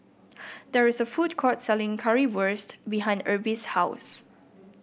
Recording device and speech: boundary microphone (BM630), read sentence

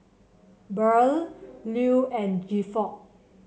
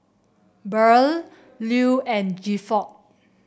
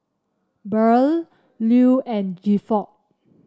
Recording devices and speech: mobile phone (Samsung C7), boundary microphone (BM630), standing microphone (AKG C214), read sentence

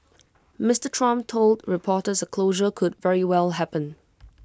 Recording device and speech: close-talking microphone (WH20), read sentence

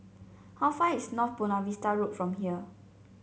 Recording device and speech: mobile phone (Samsung C7), read sentence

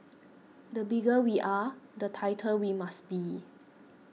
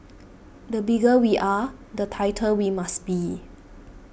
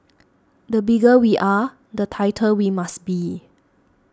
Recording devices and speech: mobile phone (iPhone 6), boundary microphone (BM630), standing microphone (AKG C214), read sentence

